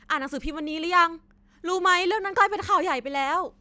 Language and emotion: Thai, frustrated